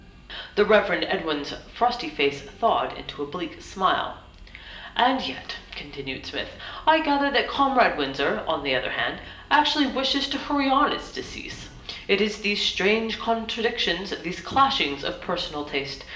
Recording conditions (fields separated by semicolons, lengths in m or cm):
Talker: one person; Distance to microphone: 1.8 m; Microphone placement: close; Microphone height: 1.0 m; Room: large; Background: music